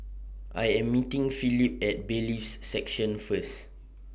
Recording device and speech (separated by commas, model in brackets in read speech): boundary microphone (BM630), read sentence